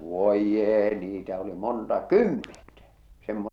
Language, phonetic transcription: Finnish, 'voij'jee niitä oli 'monta "kymmentä , semmo- .
- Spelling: voi jee niitä oli monta kymmentä -

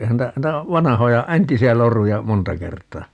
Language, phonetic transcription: Finnish, 'ehän ntä , [nii]'tä , "vanahoja , "entisi₍ä 'loruja , "monta 'kert̀aa .
- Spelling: eihän niitä niitä vanhoja entisiä loruja monta kertaa

